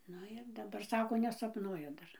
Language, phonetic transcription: Lithuanian, ˈnu ir daˈbar ˈsako nesapˈnuoja ˈdar

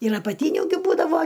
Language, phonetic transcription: Lithuanian, ir apaˈtyniu gi ˈbūdavo

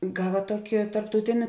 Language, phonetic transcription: Lithuanian, ˈgava ˈtuoki tarptauˈtini

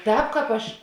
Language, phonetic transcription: Lithuanian, ˈtēp ˈkāp ˈaš

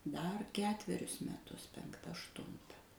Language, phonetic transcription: Lithuanian, dar ˈketverius meˈtus penkˈta ašˈtunta

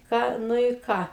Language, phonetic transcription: Lithuanian, ˈką ˈnu i ˈką

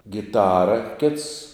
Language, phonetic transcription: Lithuanian, giˈtara kits

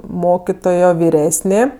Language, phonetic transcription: Lithuanian, ˈmokitojo viˈresnė

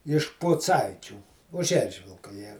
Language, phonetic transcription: Lithuanian, iš puˈcaičių už ˈeržvilka ˈjie

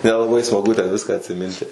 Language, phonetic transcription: Lithuanian, nelaˈbai smaˈgu ten ˈviską atsiˈminti

